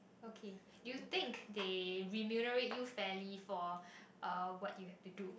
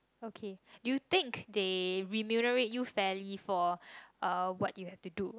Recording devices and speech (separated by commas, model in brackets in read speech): boundary microphone, close-talking microphone, conversation in the same room